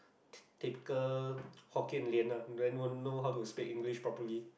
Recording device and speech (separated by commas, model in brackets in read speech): boundary microphone, conversation in the same room